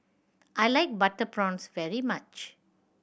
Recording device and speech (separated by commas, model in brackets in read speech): boundary microphone (BM630), read sentence